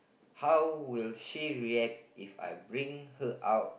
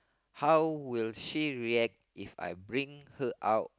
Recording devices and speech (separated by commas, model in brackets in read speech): boundary microphone, close-talking microphone, conversation in the same room